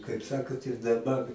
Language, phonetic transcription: Lithuanian, kaip ˈsakot ir daˈbar

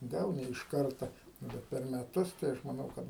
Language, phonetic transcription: Lithuanian, ˈgal ne iš ˈkarta ˈnu bet per meˈtus tai ˈaš maˈnau ˈkad

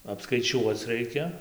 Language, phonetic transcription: Lithuanian, apskaiˈčiuoc ˈraikia

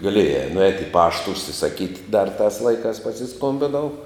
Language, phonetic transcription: Lithuanian, gaˈliejā nuˈēt' i ˈpašta užsisaˈkyt' dar tās ˈlaikās pasiˈskombinau

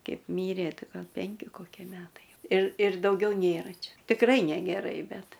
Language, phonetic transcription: Lithuanian, ˈkeip ˈmyrė ˈti ˈgal ˈpenki ˈkokie ˈmetai jau ir ir dauˈgiau ˈnėra ˈčia tikˈrai negeˈrai ˈbet

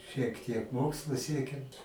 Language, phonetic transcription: Lithuanian, šiek tiek ˈmokslu ˈsiekim

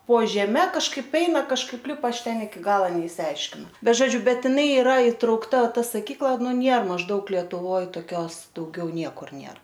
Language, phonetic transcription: Lithuanian, po žeˈme kažˈkaip ˈeina kažˈkaip ˈlipa ˈaš ˈten iki ˈgalo neišsiˈaiškinau bet žoˈdžiu ˈbet jiˈnai iˈra itraukˈta ˈta saˈkykla ˈnu ˈnėr mažˈdaug lietuˈvoj toˈkios dauˈgiau ˈniekur ˈnėr

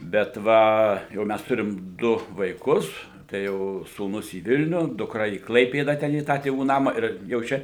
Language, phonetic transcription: Lithuanian, bet ˈva jau ˈmæs ˈturim ˈdu vaiˈkus tai ˈjau sūˈnus į ˈvilniu dukˈra į ˈklaipėda ˈten į ˈtą tėˈvų ˈnama ir jau ˈčia

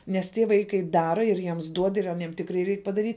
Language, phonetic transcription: Lithuanian, nes ˈtie ˈvaikai ˈdara ir ˈjiems ˈduod ir aˈniem ˈtikrai ˈreik padaˈryt'

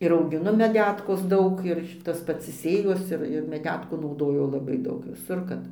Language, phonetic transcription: Lithuanian, ir augiˈnu meˈdetkos ˈdaug ir ˈtas pats i ˈsėjos ˈir ir meˈdetkų nauˈdoju laˈbai ˈdaug viˈsur kad

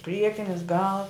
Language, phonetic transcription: Lithuanian, ˈpriekinis gal

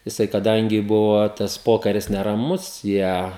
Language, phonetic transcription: Lithuanian, jiˈsai kaˈdangi ˈbuvo tas ˈpokaris neraˈmus ˈjie

